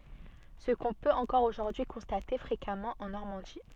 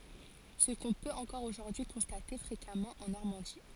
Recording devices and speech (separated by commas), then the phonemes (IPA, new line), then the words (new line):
soft in-ear microphone, forehead accelerometer, read sentence
sə kɔ̃ pøt ɑ̃kɔʁ oʒuʁdyi kɔ̃state fʁekamɑ̃ ɑ̃ nɔʁmɑ̃di
Ce qu'on peut encore aujourd'hui constater fréquemment en Normandie.